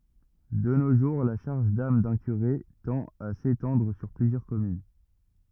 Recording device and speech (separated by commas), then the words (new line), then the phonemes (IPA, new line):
rigid in-ear microphone, read sentence
De nos jours, la charge d'âme d'un curé tend à s'étendre sur plusieurs communes.
də no ʒuʁ la ʃaʁʒ dam dœ̃ kyʁe tɑ̃t a setɑ̃dʁ syʁ plyzjœʁ kɔmyn